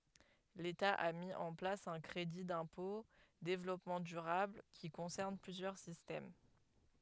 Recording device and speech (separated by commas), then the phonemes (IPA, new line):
headset microphone, read sentence
leta a mi ɑ̃ plas œ̃ kʁedi dɛ̃pɔ̃ devlɔpmɑ̃ dyʁabl ki kɔ̃sɛʁn plyzjœʁ sistɛm